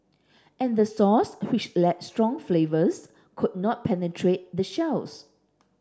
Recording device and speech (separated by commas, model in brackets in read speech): standing microphone (AKG C214), read sentence